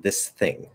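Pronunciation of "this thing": In 'this thing', both sounds are pronounced clearly: the s at the end of 'this' and the voiceless th at the start of 'thing'.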